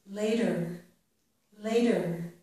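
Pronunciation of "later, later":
In 'later', the t is not said as a t. It sounds almost like a quick d, which is called a flap.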